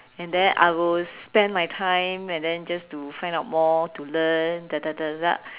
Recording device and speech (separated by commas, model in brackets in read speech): telephone, conversation in separate rooms